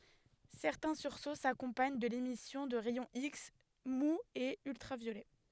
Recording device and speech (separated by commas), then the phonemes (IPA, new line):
headset microphone, read sentence
sɛʁtɛ̃ syʁso sakɔ̃paɲ də lemisjɔ̃ də ʁɛjɔ̃ iks muz e yltʁavjolɛ